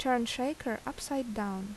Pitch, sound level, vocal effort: 245 Hz, 78 dB SPL, normal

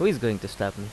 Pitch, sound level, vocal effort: 100 Hz, 84 dB SPL, normal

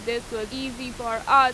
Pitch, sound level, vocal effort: 245 Hz, 94 dB SPL, loud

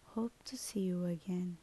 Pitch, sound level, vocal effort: 185 Hz, 70 dB SPL, soft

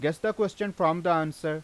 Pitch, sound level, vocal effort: 165 Hz, 92 dB SPL, loud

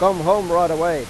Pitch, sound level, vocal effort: 175 Hz, 99 dB SPL, loud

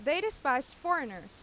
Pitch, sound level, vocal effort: 280 Hz, 92 dB SPL, very loud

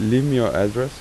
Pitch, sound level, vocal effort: 125 Hz, 87 dB SPL, soft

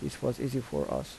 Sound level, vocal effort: 75 dB SPL, soft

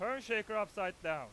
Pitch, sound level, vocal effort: 200 Hz, 105 dB SPL, very loud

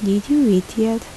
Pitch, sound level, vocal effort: 220 Hz, 75 dB SPL, soft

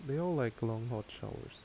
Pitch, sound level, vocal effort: 120 Hz, 76 dB SPL, soft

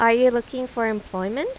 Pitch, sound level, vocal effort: 235 Hz, 87 dB SPL, normal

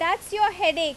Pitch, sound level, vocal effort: 360 Hz, 94 dB SPL, very loud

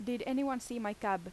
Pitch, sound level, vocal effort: 240 Hz, 85 dB SPL, normal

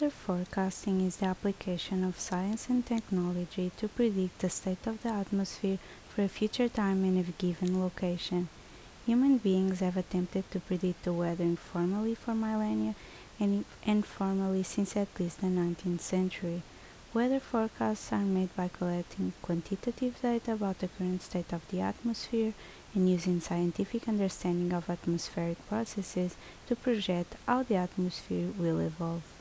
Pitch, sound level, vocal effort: 185 Hz, 73 dB SPL, soft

